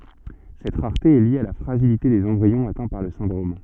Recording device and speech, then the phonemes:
soft in-ear microphone, read sentence
sɛt ʁaʁte ɛ lje a la fʁaʒilite dez ɑ̃bʁiɔ̃z atɛ̃ paʁ lə sɛ̃dʁom

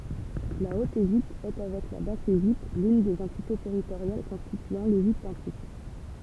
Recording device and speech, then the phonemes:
temple vibration pickup, read sentence
la ot eʒipt ɛ avɛk la bas eʒipt lyn de døz ɑ̃tite tɛʁitoʁjal kɔ̃stityɑ̃ leʒipt ɑ̃tik

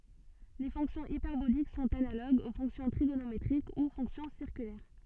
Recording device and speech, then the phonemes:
soft in-ear microphone, read sentence
le fɔ̃ksjɔ̃z ipɛʁbolik sɔ̃t analoɡz o fɔ̃ksjɔ̃ tʁiɡonometʁik u fɔ̃ksjɔ̃ siʁkylɛʁ

